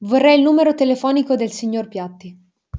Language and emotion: Italian, neutral